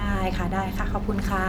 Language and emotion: Thai, neutral